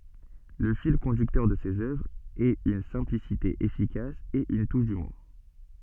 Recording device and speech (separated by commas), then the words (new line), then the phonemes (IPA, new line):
soft in-ear microphone, read sentence
Le fil conducteur de ses œuvres est une simplicité efficace et une touche d'humour.
lə fil kɔ̃dyktœʁ də sez œvʁz ɛt yn sɛ̃plisite efikas e yn tuʃ dymuʁ